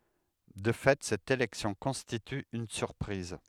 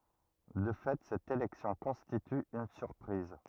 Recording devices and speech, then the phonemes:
headset microphone, rigid in-ear microphone, read sentence
də fɛ sɛt elɛksjɔ̃ kɔ̃stity yn syʁpʁiz

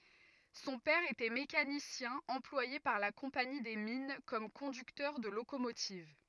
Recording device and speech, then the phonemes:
rigid in-ear microphone, read sentence
sɔ̃ pɛʁ etɛ mekanisjɛ̃ ɑ̃plwaje paʁ la kɔ̃pani de min kɔm kɔ̃dyktœʁ də lokomotiv

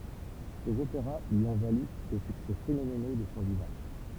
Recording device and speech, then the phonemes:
temple vibration pickup, read sentence
sez opeʁa lyi ɔ̃ valy de syksɛ fenomeno də sɔ̃ vivɑ̃

